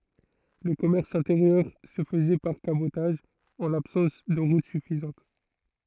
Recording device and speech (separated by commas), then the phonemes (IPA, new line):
throat microphone, read sentence
lə kɔmɛʁs ɛ̃teʁjœʁ sə fəzɛ paʁ kabotaʒ ɑ̃ labsɑ̃s də ʁut syfizɑ̃t